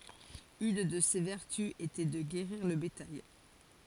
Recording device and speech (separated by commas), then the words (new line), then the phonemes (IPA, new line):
forehead accelerometer, read sentence
Une de ses vertus était de guérir le bétail.
yn də se vɛʁty etɛ də ɡeʁiʁ lə betaj